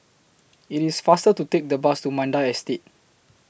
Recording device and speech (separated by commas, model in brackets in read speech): boundary microphone (BM630), read sentence